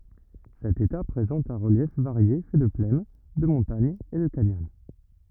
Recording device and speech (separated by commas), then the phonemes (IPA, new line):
rigid in-ear microphone, read sentence
sɛt eta pʁezɑ̃t œ̃ ʁəljɛf vaʁje fɛ də plɛn də mɔ̃taɲz e də kanjɔn